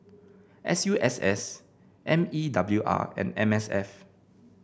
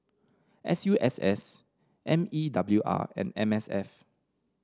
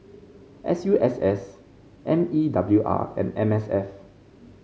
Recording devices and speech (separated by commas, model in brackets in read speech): boundary microphone (BM630), standing microphone (AKG C214), mobile phone (Samsung C5), read sentence